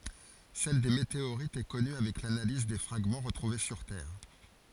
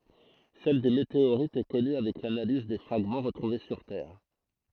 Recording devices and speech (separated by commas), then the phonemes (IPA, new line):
forehead accelerometer, throat microphone, read sentence
sɛl de meteoʁitz ɛ kɔny avɛk lanaliz de fʁaɡmɑ̃ ʁətʁuve syʁ tɛʁ